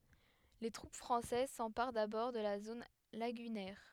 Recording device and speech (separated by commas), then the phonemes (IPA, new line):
headset microphone, read sentence
le tʁup fʁɑ̃sɛz sɑ̃paʁ dabɔʁ də la zon laɡynɛʁ